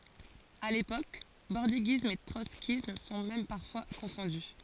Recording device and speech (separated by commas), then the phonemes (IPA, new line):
forehead accelerometer, read sentence
a lepok bɔʁdiɡism e tʁɔtskism sɔ̃ mɛm paʁfwa kɔ̃fɔ̃dy